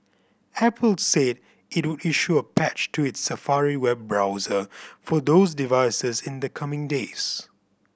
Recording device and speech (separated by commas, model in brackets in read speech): boundary microphone (BM630), read sentence